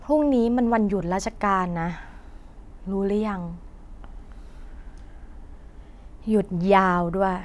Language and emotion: Thai, frustrated